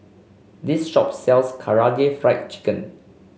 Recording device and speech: mobile phone (Samsung C5), read sentence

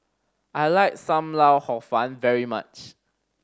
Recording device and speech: standing microphone (AKG C214), read sentence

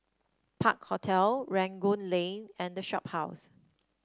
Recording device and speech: standing microphone (AKG C214), read sentence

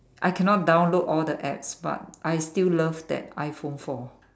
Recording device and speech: standing microphone, conversation in separate rooms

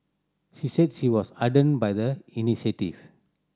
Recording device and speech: standing microphone (AKG C214), read sentence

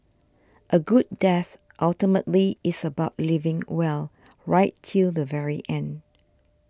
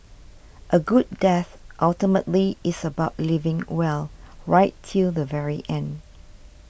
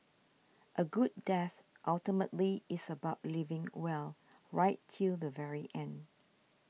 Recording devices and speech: standing microphone (AKG C214), boundary microphone (BM630), mobile phone (iPhone 6), read sentence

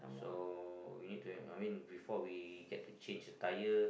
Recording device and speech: boundary microphone, conversation in the same room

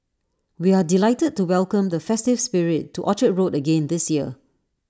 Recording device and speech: standing microphone (AKG C214), read sentence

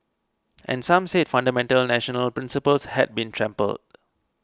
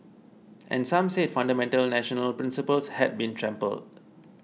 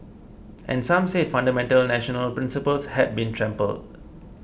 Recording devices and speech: close-talking microphone (WH20), mobile phone (iPhone 6), boundary microphone (BM630), read sentence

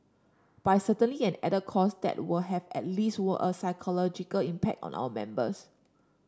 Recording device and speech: standing microphone (AKG C214), read sentence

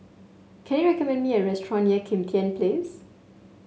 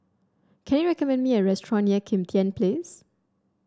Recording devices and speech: mobile phone (Samsung S8), standing microphone (AKG C214), read sentence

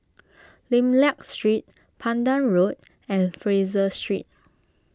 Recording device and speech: close-talking microphone (WH20), read sentence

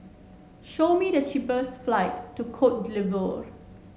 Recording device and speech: mobile phone (Samsung S8), read sentence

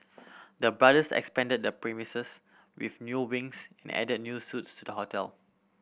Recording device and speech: boundary microphone (BM630), read sentence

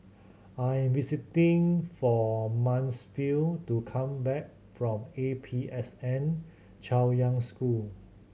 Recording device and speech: mobile phone (Samsung C7100), read sentence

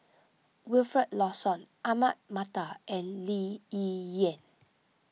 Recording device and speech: mobile phone (iPhone 6), read sentence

